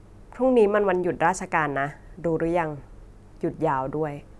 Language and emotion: Thai, frustrated